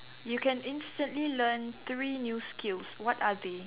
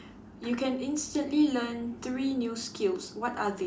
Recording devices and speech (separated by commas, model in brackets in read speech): telephone, standing microphone, conversation in separate rooms